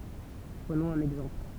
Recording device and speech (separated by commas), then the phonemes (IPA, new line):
temple vibration pickup, read sentence
pʁənɔ̃z œ̃n ɛɡzɑ̃pl